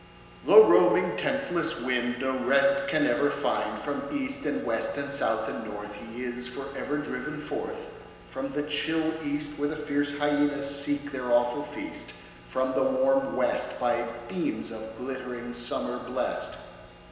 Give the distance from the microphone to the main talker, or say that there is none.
1.7 m.